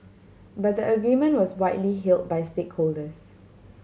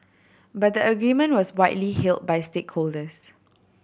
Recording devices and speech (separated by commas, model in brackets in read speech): mobile phone (Samsung C7100), boundary microphone (BM630), read sentence